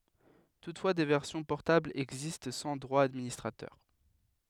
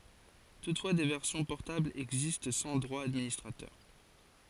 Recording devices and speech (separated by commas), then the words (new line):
headset microphone, forehead accelerometer, read sentence
Toutefois, des versions portables existent sans droits d'administrateur.